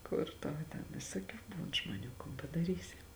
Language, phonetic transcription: Lithuanian, ˈkur tau ten visoˈkių ˈbūn žmoˈnių kon padaˈrysi

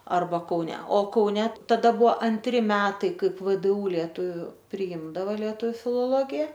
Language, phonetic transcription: Lithuanian, ˈarba kauˈne o kauˈne taˈda ˈbuvo anˈtri ˈmetai ˈkaip vdˈū lieˈtuviu priˈymdavo lieˈtu filoˈlogija

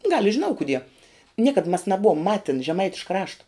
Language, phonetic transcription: Lithuanian, gal i žiˈnau kuˈdie ˈniekad mas naˈbuvom ˈmatin žeˈmaitiška ˈrašta

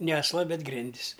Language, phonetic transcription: Lithuanian, ne asˈla ˈbet ˈgrindis

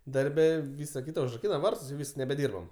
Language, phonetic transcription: Lithuanian, darˈbe ˈvysa ˈkyta užraˈkyna ˈvartus jau ˈvys nebeˈdyrbam

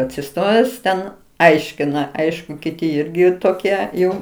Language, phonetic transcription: Lithuanian, atsiˈstojęs ten ˈaiškina ˈaišku kiˈti ˈirgi toˈkie ˈjau

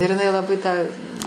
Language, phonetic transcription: Lithuanian, ir iˈnai laˈbai tą

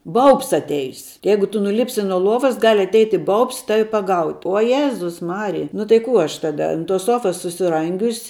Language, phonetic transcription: Lithuanian, ˈbaubs atˈeis ˈjeigu ˈtu nuˈlipsi nuo ˈluovas gal' atˈeiti ˈbaubs ˈtavi paˈgaut' o ˈjėzus ˈmarija nu tai ˈkų ˈaš ˈtada ant tos ˈsuofas susiˈrangius'

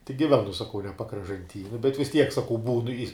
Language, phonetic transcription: Lithuanian, tik giˈvenu saˈkau ne pakražanˈty nu bet vis ˈtiek saˈkau ˈbūnu i

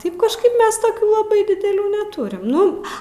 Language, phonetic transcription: Lithuanian, ˈtaip kažˈkaip ˈmes toˈkių laˈbai dideˈlių neˈturim ˈnu

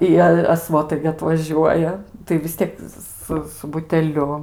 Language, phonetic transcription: Lithuanian, i ˈjie a ˈsvotai gi atvaˈžiuoja tai vis ˈtiek ˈsu su buteˈliu

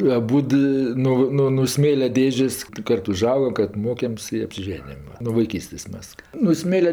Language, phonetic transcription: Lithuanian, aˈbūd ˈi ˈno ˈno no ˈsmėlia ˈdėžės' ˈkart uˈžaugam ˈkart ˈmokem's' i apsiˈženijam nuo vaiˈkystės' ˈmes no ˈsmėlia

